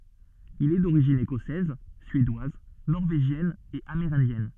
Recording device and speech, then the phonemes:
soft in-ear microphone, read sentence
il ɛ doʁiʒin ekɔsɛz syedwaz nɔʁveʒjɛn e ameʁɛ̃djɛn

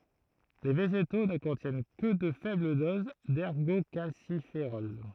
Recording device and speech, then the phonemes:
throat microphone, read sentence
le veʒeto nə kɔ̃tjɛn kə də fɛbl doz dɛʁɡokalsifeʁɔl

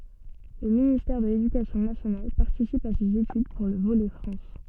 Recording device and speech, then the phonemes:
soft in-ear microphone, read sentence
lə ministɛʁ də ledykasjɔ̃ nasjonal paʁtisip a sez etyd puʁ lə volɛ fʁɑ̃s

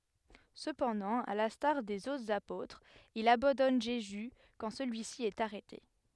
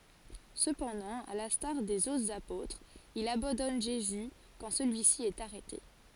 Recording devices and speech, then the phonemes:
headset microphone, forehead accelerometer, read sentence
səpɑ̃dɑ̃ a lɛ̃staʁ dez otʁz apotʁz il abɑ̃dɔn ʒezy kɑ̃ səlyisi ɛt aʁɛte

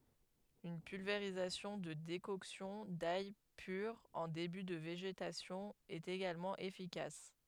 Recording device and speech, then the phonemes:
headset microphone, read sentence
yn pylveʁizasjɔ̃ də dekɔksjɔ̃ daj pyʁ ɑ̃ deby də veʒetasjɔ̃ ɛt eɡalmɑ̃ efikas

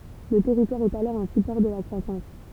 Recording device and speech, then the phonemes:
temple vibration pickup, read sentence
lə tɛʁitwaʁ ɛt alɔʁ œ̃ sypɔʁ də la kʁwasɑ̃s

